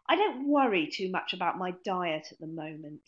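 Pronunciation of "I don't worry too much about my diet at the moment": The intonation falls slightly across this statement.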